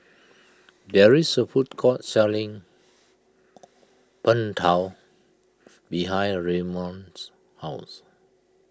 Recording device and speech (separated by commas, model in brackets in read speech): close-talking microphone (WH20), read sentence